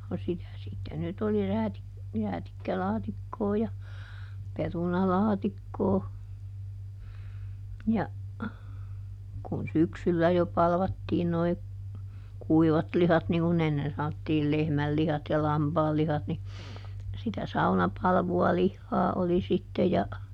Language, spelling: Finnish, no sitä sitten nyt oli - räätikkälaatikkoa ja perunalaatikkoa ja kun syksyllä jo palvattiin nuo kuivatlihat niin kuin ennen sanottiin lehmänlihat ja lampaanlihat niin sitä saunapalvua lihaa oli sitten ja
- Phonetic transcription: no ˈsitä sitte nyt ‿oli "räätik- , ˈräätikkälaatikkoo ja , "perunalaatikkoo , ja , kun "syksyllä jo ˈpalvattiin noi , "kuivatlihat niŋ ku"n ‿ennen sanottiil "lehmällihat ja "lampaallihat ni , sitä ˈsaunapalvu₍a ˈlihhaa oli sitte ja ,.

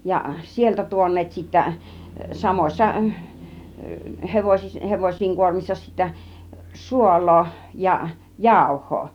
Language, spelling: Finnish, ja sieltä tuoneet sitten samoissa - hevosien kuormissa sitten suolaa ja jauhoa
- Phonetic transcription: ja "sieltä 'tuon̆neet sittä , 'samoś̆sa , 'hevosis- , 'hevoś̆siiŋ 'kuormissa sittä , "suol̆loo ja , "jàuh̆hoo .

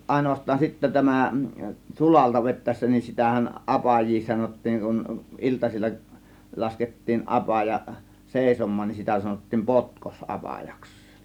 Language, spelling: Finnish, ainoastaan sitten tämä sulalta vetäessä niin sitähän apajia sanottiin kun iltasilla laskettiin apaja seisomaan niin sitä sanottiin - potkosapajaksi
- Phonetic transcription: 'àėnovast̆taan sittä "tämä , "sulalta 'vet̆tä̀ėssä nin sitähän , "ˀapaj̆jii 'sanot̆tiiŋ kun , 'iltasil͕l͕a , lasket̀tiin 'ˀapaja , "sèisom̆maan nin , 'sitä sanottiim "potkos "ˀapajaks .

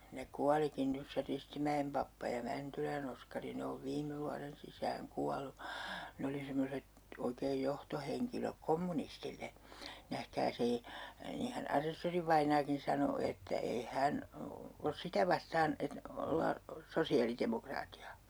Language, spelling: Finnish, nähkääs ei niinhän asessorivainaakin sanoi että ei hän ole sitä vastaan että ollaan sosiaalidemokraatteja
- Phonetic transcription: - - - nähkää's ‿ei , 'niihän "asessorivaiǹaakin̬ sano että , » 'ei "hän , os 'sitä vastaan , et- , 'ollaa , "sosi₍alitemokraati₍a » .

